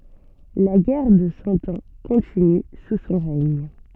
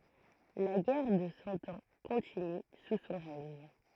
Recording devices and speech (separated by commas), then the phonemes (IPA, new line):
soft in-ear microphone, throat microphone, read sentence
la ɡɛʁ də sɑ̃ ɑ̃ kɔ̃tiny su sɔ̃ ʁɛɲ